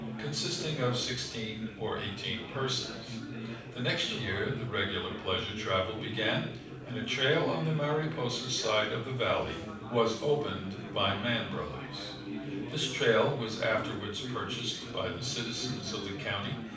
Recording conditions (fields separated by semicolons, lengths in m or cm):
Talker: one person; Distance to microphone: 5.8 m; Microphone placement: far; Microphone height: 1.8 m; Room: medium-sized (5.7 m by 4.0 m); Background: babble